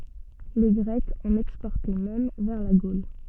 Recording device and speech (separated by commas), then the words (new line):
soft in-ear microphone, read sentence
Les Grecs en exportaient même vers la Gaule.